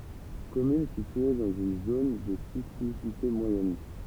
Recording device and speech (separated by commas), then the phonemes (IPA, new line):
temple vibration pickup, read sentence
kɔmyn sitye dɑ̃z yn zon də sismisite mwajɛn